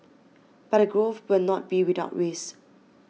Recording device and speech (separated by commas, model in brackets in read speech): mobile phone (iPhone 6), read sentence